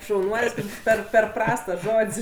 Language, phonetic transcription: Lithuanian, šauˈnuol's' ˈper per ˈprasts tas ˈžod's'

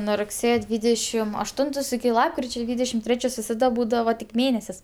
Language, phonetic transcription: Lithuanian, nuo rugˈsėjo ˈdvydešim ašˈtuntos iki ˈlapkričia ˈdvydešim ˈtrečios visaˈda ˈbūdava tik ˈmėnesis

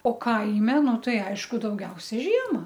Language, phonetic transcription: Lithuanian, o ˈkaime ˈnu ˈtai ˈaišku dauˈgiausia ˈžiema

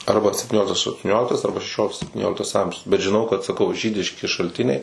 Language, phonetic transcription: Lithuanian, ˈarba septiˈnioliktas aštuˈnioliktas ˈarba šeˈšioliktas septiˈnioliktas ˈamžius bet žiˈnau kad saˈkau ˈžydiški šalˈtiniai

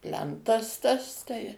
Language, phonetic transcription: Lithuanian, ˈplentas tas ˈtai

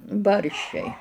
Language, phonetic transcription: Lithuanian, ˈbarščiai

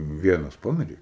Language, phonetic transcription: Lithuanian, ˈvienas ˈpamirė

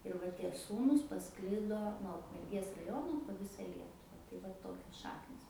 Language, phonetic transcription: Lithuanian, ir ˈva ˈtie ˈsūnūs paˈsklido nuo ukmerˈgės raˈjono po ˈvisa ˈlietuva tai ˈva ˈtokios ˈšaknis

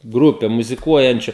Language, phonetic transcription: Lithuanian, ˈgrupe muziˈkuojančiu

